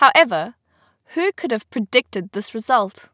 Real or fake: real